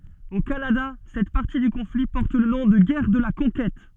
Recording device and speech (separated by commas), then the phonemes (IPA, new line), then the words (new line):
soft in-ear microphone, read sentence
o kanada sɛt paʁti dy kɔ̃fli pɔʁt lə nɔ̃ də ɡɛʁ də la kɔ̃kɛt
Au Canada, cette partie du conflit porte le nom de Guerre de la Conquête.